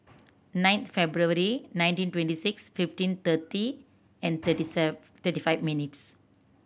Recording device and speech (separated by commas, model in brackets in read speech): boundary microphone (BM630), read sentence